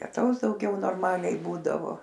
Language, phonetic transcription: Lithuanian, lieˈtaus dauˈgiau norˈmaliai ˈbūdavo

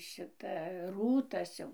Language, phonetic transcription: Lithuanian, ˈšita ˈrūtas jau

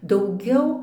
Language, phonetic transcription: Lithuanian, dauˈgiau

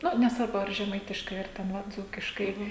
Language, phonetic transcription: Lithuanian, ˈnu nesˈvarbu ar žeˈmaitiškai ar ˈten ˈva ˈdzūkiškai

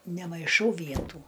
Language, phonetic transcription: Lithuanian, nemaiˈšau ˈvietų

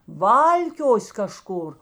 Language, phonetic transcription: Lithuanian, ˈvalkios' kaˈžkur

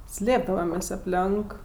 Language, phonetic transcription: Lithuanian, ˈslėpdavamės' apˈlenk

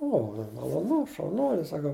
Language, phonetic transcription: Lithuanian, ˈo ma maloˈnu šauˈnuoli saˈkau

